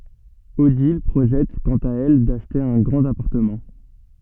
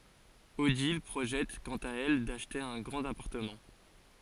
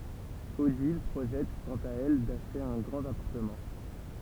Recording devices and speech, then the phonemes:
soft in-ear microphone, forehead accelerometer, temple vibration pickup, read sentence
odil pʁoʒɛt kɑ̃t a ɛl daʃte œ̃ ɡʁɑ̃t apaʁtəmɑ̃

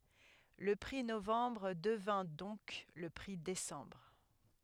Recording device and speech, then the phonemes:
headset microphone, read sentence
lə pʁi novɑ̃bʁ dəvɛ̃ dɔ̃k lə pʁi desɑ̃bʁ

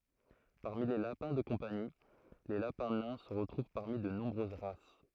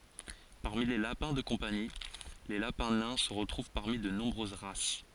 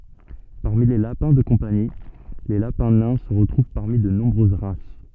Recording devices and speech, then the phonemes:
throat microphone, forehead accelerometer, soft in-ear microphone, read sentence
paʁmi le lapɛ̃ də kɔ̃pani le lapɛ̃ nɛ̃ sə ʁətʁuv paʁmi də nɔ̃bʁøz ʁas

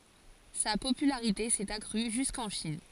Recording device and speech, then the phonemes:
forehead accelerometer, read sentence
sa popylaʁite sɛt akʁy ʒyskɑ̃ ʃin

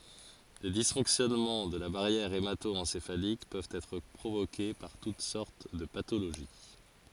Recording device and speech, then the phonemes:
forehead accelerometer, read sentence
le disfɔ̃ksjɔnmɑ̃ də la baʁjɛʁ emato ɑ̃sefalik pøvt ɛtʁ pʁovoke paʁ tut sɔʁt də patoloʒi

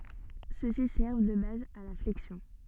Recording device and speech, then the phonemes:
soft in-ear microphone, read sentence
søksi sɛʁv də baz a la flɛksjɔ̃

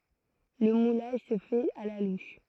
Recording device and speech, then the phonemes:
throat microphone, read sentence
lə mulaʒ sə fɛt a la luʃ

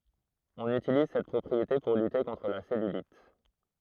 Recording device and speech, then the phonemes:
throat microphone, read sentence
ɔ̃n ytiliz sɛt pʁɔpʁiete puʁ lyte kɔ̃tʁ la sɛlylit

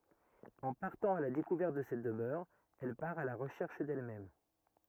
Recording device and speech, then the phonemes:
rigid in-ear microphone, read sentence
ɑ̃ paʁtɑ̃ a la dekuvɛʁt də sɛt dəmœʁ ɛl paʁ a la ʁəʃɛʁʃ dɛlmɛm

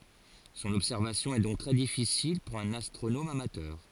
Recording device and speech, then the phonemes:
forehead accelerometer, read sentence
sɔ̃n ɔbsɛʁvasjɔ̃ ɛ dɔ̃k tʁɛ difisil puʁ œ̃n astʁonom amatœʁ

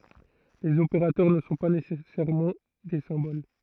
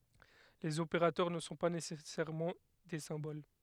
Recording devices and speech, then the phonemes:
throat microphone, headset microphone, read sentence
lez opeʁatœʁ nə sɔ̃ pa nesɛsɛʁmɑ̃ de sɛ̃bol

